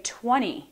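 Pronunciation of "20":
In 'twenty', the middle t is not said: neither a t nor a d sound is heard there, and the sound is left out completely.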